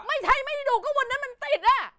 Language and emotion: Thai, angry